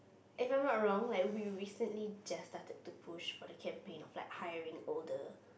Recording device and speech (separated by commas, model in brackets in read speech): boundary microphone, conversation in the same room